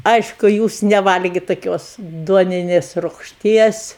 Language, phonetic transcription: Lithuanian, ˈaišku ˈjūs neˈvalgi taˈkios ˈduoninės rugšˈties

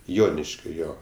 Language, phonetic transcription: Lithuanian, ˈjoniškio ˈjo

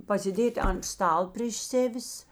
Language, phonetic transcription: Lithuanian, pasiˈdėt' an ˈstal prėš ˈsevis

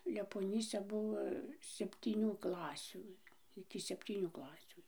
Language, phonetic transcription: Lithuanian, lepoˈnyse ˈbuvo septyˈnių ˈklasių iki sepˈtynių ˈklasių

